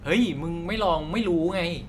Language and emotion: Thai, neutral